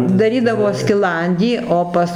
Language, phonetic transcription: Lithuanian, daˈrydavo skiˈlandį o ˈpas

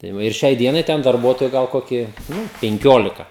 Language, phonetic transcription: Lithuanian, tai ˈva ir ˈšiai ˈdienai ˈten darˈbuotoju gal ˈkoki ˈnu penˈkiolika

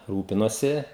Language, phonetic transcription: Lithuanian, ˈrūpinuosi

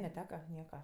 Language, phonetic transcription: Lithuanian, neˈteka ˈnieka

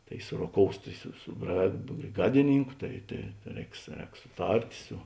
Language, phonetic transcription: Lithuanian, ˈtai suroˈkous tai su su bra brėˈgadiˌnynku ˈtai tai ˈrēks ˈrēks suˈtart' su

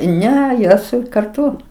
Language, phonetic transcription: Lithuanian, ˈne jos karˈtu

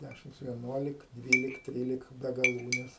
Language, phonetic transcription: Lithuanian, ˈdæšimc vieˈnuolik ˈdvylik ˈtrylik be gaˈlūnes

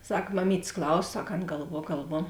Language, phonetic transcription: Lithuanian, ˈsak maˈmytės ˈklauso ˈsak ˈan galˈvuo galˈvuo

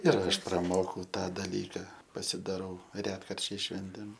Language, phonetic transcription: Lithuanian, ir ˈaš praˈmokau ˈtą daˈlyka pasidaˈrau ˈretkarčiais ˈšventėm

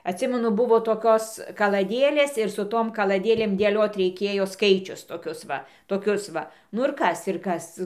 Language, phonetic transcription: Lithuanian, atˈsimenu ˈbuvo toˈkios kalaˈdėlės ir su ˈtom kalaˈdėlėm dėˈliot reiˈkėjo ˈskaičius toˈkius va toˈkius ˈva nu ir ˈkas ir ˈkas

